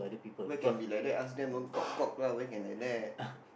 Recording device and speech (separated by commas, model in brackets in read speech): boundary microphone, conversation in the same room